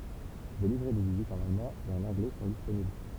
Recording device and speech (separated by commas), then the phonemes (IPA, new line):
temple vibration pickup, read sentence
de livʁɛ də vizit ɑ̃n almɑ̃ e ɑ̃n ɑ̃ɡlɛ sɔ̃ disponibl